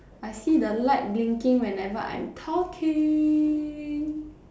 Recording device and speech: standing microphone, conversation in separate rooms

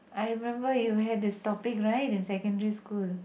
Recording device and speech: boundary microphone, conversation in the same room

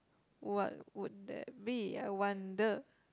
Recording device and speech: close-talking microphone, conversation in the same room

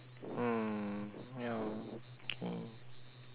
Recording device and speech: telephone, conversation in separate rooms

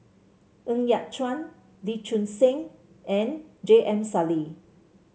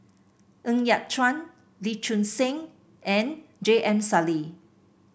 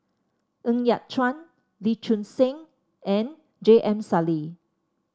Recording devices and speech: mobile phone (Samsung C7), boundary microphone (BM630), standing microphone (AKG C214), read sentence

